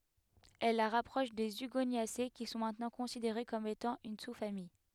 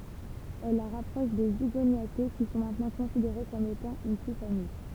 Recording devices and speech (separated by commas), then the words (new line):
headset microphone, temple vibration pickup, read sentence
Elle la rapproche des Hugoniacées qui sont maintenant considérées comme étant une sous-famille.